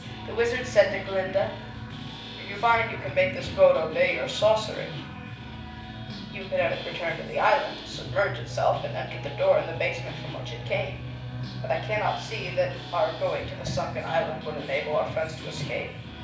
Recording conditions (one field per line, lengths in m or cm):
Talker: one person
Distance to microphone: 5.8 m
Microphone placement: far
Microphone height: 1.8 m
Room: medium-sized (5.7 m by 4.0 m)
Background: music